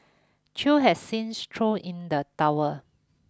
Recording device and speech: close-talking microphone (WH20), read sentence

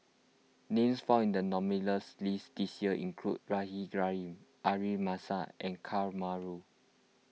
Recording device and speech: mobile phone (iPhone 6), read sentence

